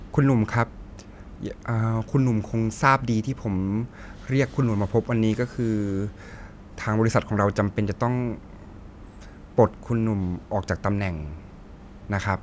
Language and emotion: Thai, frustrated